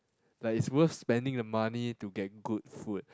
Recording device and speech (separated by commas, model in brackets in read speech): close-talking microphone, conversation in the same room